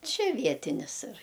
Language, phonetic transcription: Lithuanian, ˈčia ˈvietinis ir

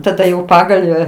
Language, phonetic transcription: Lithuanian, taˈda jau ˈpagalvę

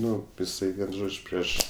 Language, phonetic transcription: Lithuanian, ˈnu iˈsai vien ˈžodž' ˈprieš

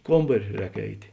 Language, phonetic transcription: Lithuanian, ˈkombari ˈrēk ˈeitė

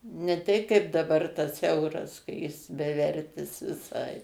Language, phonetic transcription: Lithuanian, ne ˈtei kaip daˈbar tas ˈeuras ka ˈjis beˈvertis viˈsai

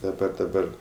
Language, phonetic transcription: Lithuanian, daˈba daˈbar

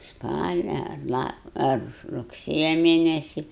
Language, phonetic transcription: Lithuanian, ˈspalia ar ˈla ar rugˈsėja ˈmėnesi

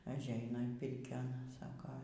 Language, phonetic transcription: Lithuanian, ažˈeina in ˈpirkion ˈsako

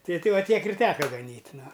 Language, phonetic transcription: Lithuanian, ˈtai ˈtei ˈva ˈtiek ir ˈteka gaˈnyt' ˈnu

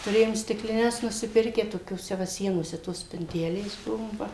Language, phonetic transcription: Lithuanian, tuˈrėjom stikliˈnes nusiˈpirkę tokioˈse ˈva ˈsienose tos spinˈtelės ˈbuvo ˈva

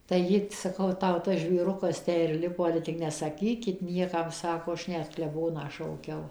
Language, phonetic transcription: Lithuanian, tai ˈji saˈkau ˈtau ˈtas žvėˈrukas ˈtę ir ˈlipo ˈale tik nesaˈkykit ˈniekam ˈsako ˈaš ˈnet kleˈboną šauˈkiau

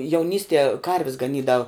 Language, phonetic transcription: Lithuanian, jauˈnystie ˈkarvis gaˈnydav

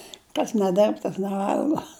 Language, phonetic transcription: Lithuanian, kas neˈdirb tas neˈvalgo

